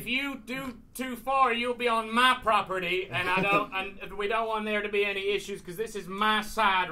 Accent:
Southern American accent